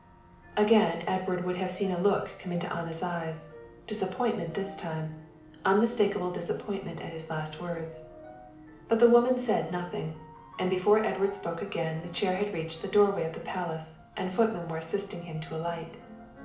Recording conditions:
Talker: one person; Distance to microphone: 2.0 m; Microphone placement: close; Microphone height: 99 cm; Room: medium-sized (5.7 m by 4.0 m); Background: music

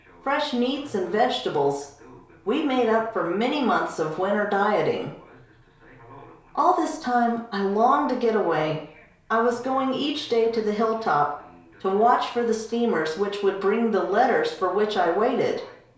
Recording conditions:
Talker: one person; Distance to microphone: 1.0 m; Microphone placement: close; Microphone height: 1.1 m; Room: small (3.7 m by 2.7 m); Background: television

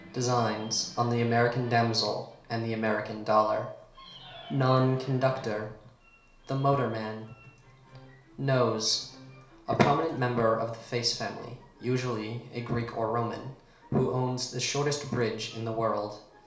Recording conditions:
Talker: one person; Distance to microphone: 1.0 m; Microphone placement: close; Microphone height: 1.1 m; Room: small (3.7 m by 2.7 m); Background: television

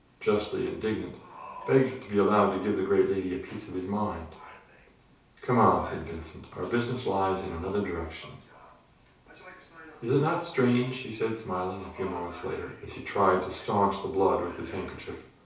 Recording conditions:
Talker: one person; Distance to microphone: 3.0 m; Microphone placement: far; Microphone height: 1.8 m; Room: small (3.7 m by 2.7 m); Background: television

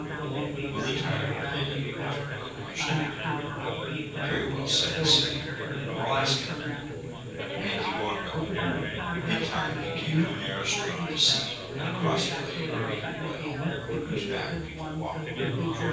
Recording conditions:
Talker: one person; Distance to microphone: 9.8 m; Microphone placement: far; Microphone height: 1.8 m; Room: large; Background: babble

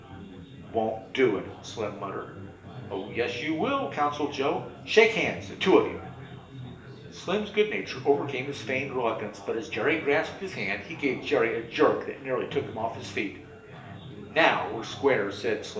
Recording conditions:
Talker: one person; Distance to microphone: 1.8 m; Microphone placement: close; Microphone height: 1.0 m; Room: large; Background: babble

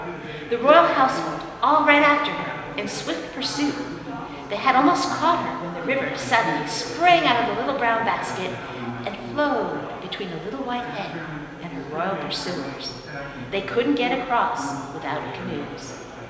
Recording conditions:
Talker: one person; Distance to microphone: 1.7 m; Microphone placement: close; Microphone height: 1.0 m; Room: very reverberant, large; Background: babble

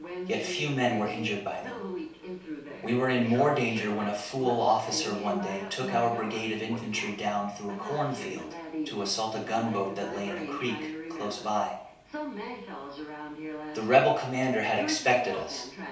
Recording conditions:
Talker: one person; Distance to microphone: 3.0 m; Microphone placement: far; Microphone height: 1.8 m; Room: small (3.7 m by 2.7 m); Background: television

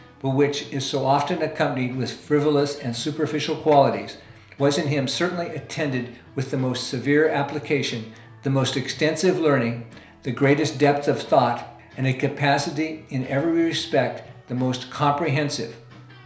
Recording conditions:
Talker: one person; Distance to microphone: 1.0 m; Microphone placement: close; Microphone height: 1.1 m; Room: small (3.7 m by 2.7 m); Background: music

